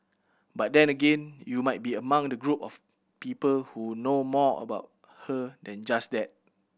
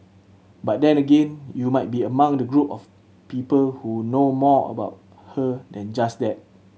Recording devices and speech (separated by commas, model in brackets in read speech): boundary microphone (BM630), mobile phone (Samsung C7100), read sentence